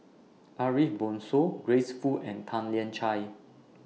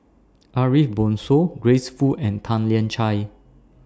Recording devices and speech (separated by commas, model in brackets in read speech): mobile phone (iPhone 6), standing microphone (AKG C214), read sentence